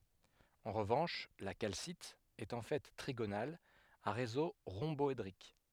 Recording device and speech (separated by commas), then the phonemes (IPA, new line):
headset microphone, read sentence
ɑ̃ ʁəvɑ̃ʃ la kalsit ɛt ɑ̃ fɛ tʁiɡonal a ʁezo ʁɔ̃bɔedʁik